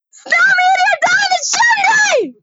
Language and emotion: English, sad